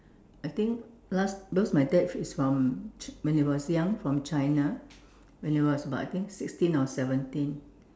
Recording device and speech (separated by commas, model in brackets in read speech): standing microphone, conversation in separate rooms